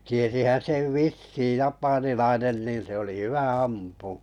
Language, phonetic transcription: Finnish, 'tiesihän 'sev "vissiiʲ 'japanilainen niin se oli 'hyvä 'ampù .
- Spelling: tiesihän sen vissiin japanilainen niin se oli hyvä ampumaan

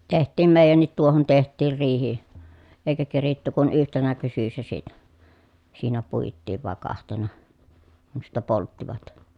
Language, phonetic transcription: Finnish, teht̆tiim mèi̮jännit tuohon teht̆tiir riihi , èikä keritty kun yhtenä kysyssä siinä , siinä puittiiv vàe kahtena , kun̬ sittä polttivat .
- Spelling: tehtiin meidänkin tuohon tehtiin riihi eikä keritty kuin yhtenä syksynä siinä siinä puitiin vai kahtena kun sitten polttivat

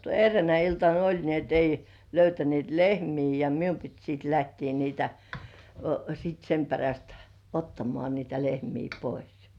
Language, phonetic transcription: Finnish, erreänä iltan ‿"oĺ ni ‿et 'ei , löytänĭèt "lehmii ja "mium pit siit 'lähtii niitä , sit 'sem peräst , "ottamŏ§à niitä 'lehmii "pois .
- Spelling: eräänä iltana oli niin että ei löytäneet lehmiä ja minun piti siitä lähteä niitä sitten sen perästä ottamaan niitä lehmiä pois

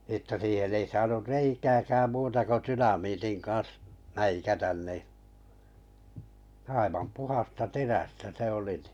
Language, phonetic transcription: Finnish, ᵊttä siihen 'ei 'saanur 'reikääkääm 'muuta ko 'tynamiitin kan̬s , 'mäikätän ni , 'aivam 'puhasta "terästä "se oli nɪ .
- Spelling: että siihen ei saanut reikääkään muuta kuin dynamiitin kanssa mäikätä niin aivan puhdasta terästä se oli niin

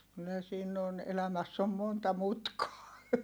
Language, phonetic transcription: Finnish, kyllä siin ‿on , elämäss ‿om monta mutkaa .
- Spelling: kyllä siinä on elämässä on monta mutkaa

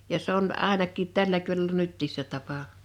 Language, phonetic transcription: Finnish, ja 's ‿on '’àenakkit 'tällä kyl(ällä) 'nyttiis se tapa .
- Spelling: ja se on ainakin tällä kylällä nytkin se tapa

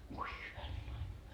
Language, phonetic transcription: Finnish, voi 'hyvänen aika .
- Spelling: voi hyvänen aika

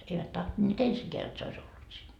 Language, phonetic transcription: Finnish, eivät 'tohtońeet "ensikeä jot se ois 'ollut siin .
- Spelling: eivät tahtoneet ensinkään jotta se olisi ollut siinä

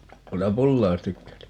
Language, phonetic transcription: Finnish, ('otaham) "pullaa jos 'tykkäät !
- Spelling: otahan pullaa jos tykkäät

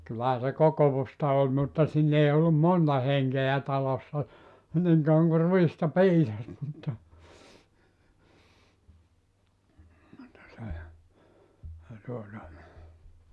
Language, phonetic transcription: Finnish, kyllähä se 'kokovusta oĺ mutta 'siin ‿ei ollum "monta 'heŋkeä 'talossa , 'niŋ kauaŋ ku "ruista "piisas mutta , mutta se , se tuota ,.
- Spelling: kyllähän se kokousta oli mutta siinä ei ollut monta henkeä talossa niin kauan kuin ruista piisasi mutta mutta se se tuota

